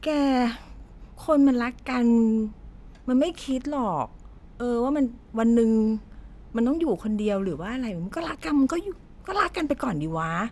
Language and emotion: Thai, frustrated